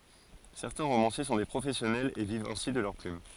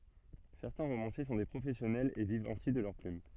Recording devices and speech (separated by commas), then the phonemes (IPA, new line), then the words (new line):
forehead accelerometer, soft in-ear microphone, read sentence
sɛʁtɛ̃ ʁomɑ̃sje sɔ̃ de pʁofɛsjɔnɛlz e vivt ɛ̃si də lœʁ plym
Certains romanciers sont des professionnels et vivent ainsi de leur plume.